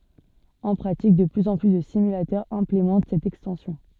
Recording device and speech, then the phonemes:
soft in-ear microphone, read sentence
ɑ̃ pʁatik də plyz ɑ̃ ply də simylatœʁz ɛ̃plemɑ̃t sɛt ɛkstɑ̃sjɔ̃

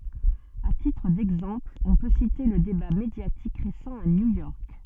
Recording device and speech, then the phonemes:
soft in-ear microphone, read sentence
a titʁ dɛɡzɑ̃pl ɔ̃ pø site lə deba medjatik ʁesɑ̃ a njujɔʁk

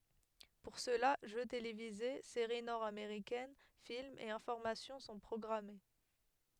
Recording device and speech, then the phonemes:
headset microphone, read sentence
puʁ səla ʒø televize seʁi nɔʁdameʁikɛn filmz e ɛ̃fɔʁmasjɔ̃ sɔ̃ pʁɔɡʁame

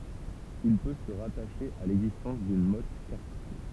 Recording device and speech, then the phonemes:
temple vibration pickup, read sentence
il pø sə ʁataʃe a lɛɡzistɑ̃s dyn mɔt kastʁal

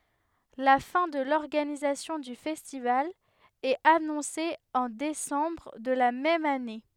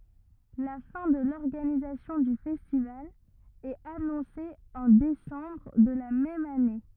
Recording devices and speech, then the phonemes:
headset microphone, rigid in-ear microphone, read sentence
la fɛ̃ də lɔʁɡanizasjɔ̃ dy fɛstival ɛt anɔ̃se ɑ̃ desɑ̃bʁ də la mɛm ane

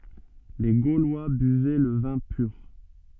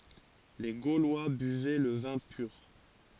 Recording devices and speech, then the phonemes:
soft in-ear microphone, forehead accelerometer, read sentence
le ɡolwa byvɛ lə vɛ̃ pyʁ

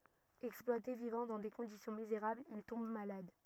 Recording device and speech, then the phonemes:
rigid in-ear microphone, read sentence
ɛksplwate vivɑ̃ dɑ̃ de kɔ̃disjɔ̃ mizeʁablz il tɔ̃b malad

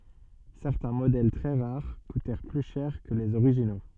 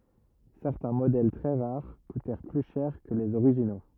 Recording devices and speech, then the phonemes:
soft in-ear microphone, rigid in-ear microphone, read sentence
sɛʁtɛ̃ modɛl tʁɛ ʁaʁ kutɛʁ ply ʃɛʁ kə lez oʁiʒino

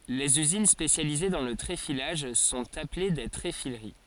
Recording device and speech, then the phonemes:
forehead accelerometer, read sentence
lez yzin spesjalize dɑ̃ lə tʁefilaʒ sɔ̃t aple de tʁefiləʁi

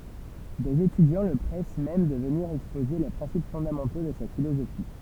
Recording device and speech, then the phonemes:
temple vibration pickup, read sentence
dez etydjɑ̃ lə pʁɛs mɛm də vəniʁ ɛkspoze le pʁɛ̃sip fɔ̃damɑ̃to də sa filozofi

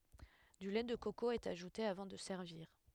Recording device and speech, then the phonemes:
headset microphone, read sentence
dy lɛ də koko ɛt aʒute avɑ̃ də sɛʁviʁ

